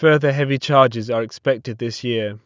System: none